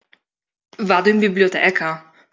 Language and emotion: Italian, surprised